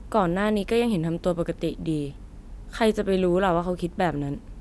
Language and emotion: Thai, frustrated